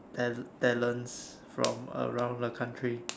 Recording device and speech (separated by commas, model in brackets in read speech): standing microphone, conversation in separate rooms